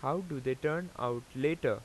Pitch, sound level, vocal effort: 145 Hz, 89 dB SPL, normal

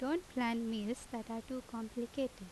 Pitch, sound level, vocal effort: 235 Hz, 83 dB SPL, normal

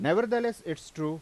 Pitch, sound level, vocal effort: 160 Hz, 93 dB SPL, loud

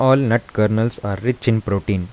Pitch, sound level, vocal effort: 110 Hz, 82 dB SPL, soft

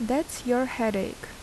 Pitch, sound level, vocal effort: 250 Hz, 78 dB SPL, normal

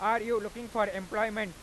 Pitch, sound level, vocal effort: 220 Hz, 103 dB SPL, very loud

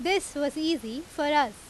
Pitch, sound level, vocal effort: 295 Hz, 90 dB SPL, very loud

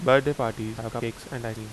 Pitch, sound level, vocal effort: 115 Hz, 83 dB SPL, normal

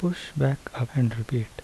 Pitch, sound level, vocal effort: 125 Hz, 73 dB SPL, soft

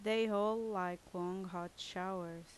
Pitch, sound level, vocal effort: 185 Hz, 82 dB SPL, loud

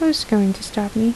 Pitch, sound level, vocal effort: 215 Hz, 75 dB SPL, soft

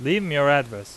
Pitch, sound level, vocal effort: 140 Hz, 94 dB SPL, loud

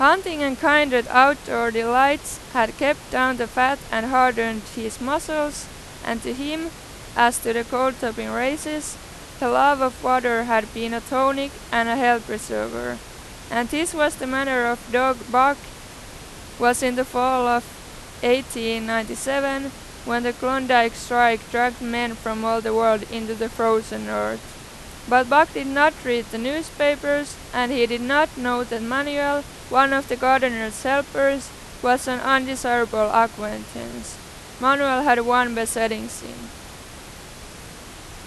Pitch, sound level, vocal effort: 250 Hz, 94 dB SPL, very loud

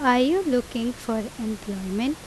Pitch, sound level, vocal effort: 240 Hz, 85 dB SPL, loud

